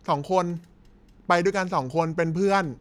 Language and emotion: Thai, neutral